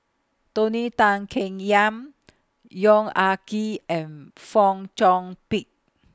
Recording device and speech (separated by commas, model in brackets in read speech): close-talking microphone (WH20), read sentence